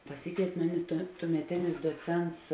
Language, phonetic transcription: Lithuanian, paˈsikvėit' ˈmuˌni tuo tuomeˈtinis duoˈcents

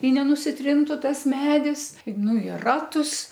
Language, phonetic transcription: Lithuanian, i nenusiˈtrintu ˈtas ˈmedis ˈnu i ˈratus

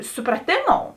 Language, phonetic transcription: Lithuanian, supraˈtėˌmou

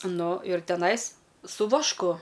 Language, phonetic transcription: Lithuanian, ˈnu ir teˈnais su vašˈku

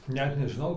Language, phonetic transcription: Lithuanian, ˈnet nežiˈnau

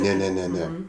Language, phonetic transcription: Lithuanian, ne ne ne ˈne

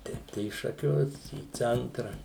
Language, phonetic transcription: Lithuanian, ˈteip tai į šaˈkius į ˈcentra

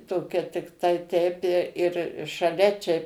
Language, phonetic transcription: Lithuanian, ˈtokia tikˈtai teip i ir šaˈlia ˈčia

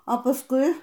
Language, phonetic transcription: Lithuanian, a paˈskui

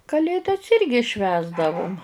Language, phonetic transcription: Lithuanian, kaˈlėdas ˈirgi ˈšvęsdavum

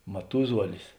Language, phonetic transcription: Lithuanian, maˈtuzuolis

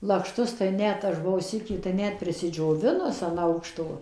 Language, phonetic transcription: Lithuanian, lakšˈtus tai ˈnet aš buˈvau ˈsykį tai ˈnet prisidžioˈvinus an ˈaukšto

